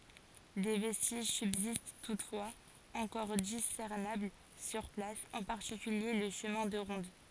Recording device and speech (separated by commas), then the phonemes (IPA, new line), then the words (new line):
forehead accelerometer, read sentence
de vɛstiʒ sybzist tutfwaz ɑ̃kɔʁ disɛʁnabl syʁ plas ɑ̃ paʁtikylje lə ʃəmɛ̃ də ʁɔ̃d
Des vestiges subsistent toutefois, encore discernables sur place, en particulier le chemin de ronde.